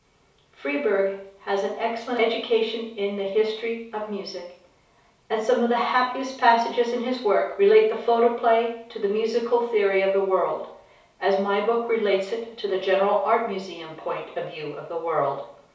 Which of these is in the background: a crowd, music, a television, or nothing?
Nothing.